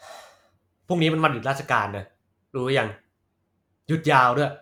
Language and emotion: Thai, frustrated